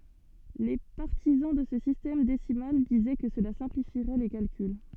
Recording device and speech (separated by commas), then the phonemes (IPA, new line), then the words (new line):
soft in-ear microphone, read sentence
le paʁtizɑ̃ də sə sistɛm desimal dizɛ kə səla sɛ̃plifiʁɛ le kalkyl
Les partisans de ce système décimal disaient que cela simplifierait les calculs.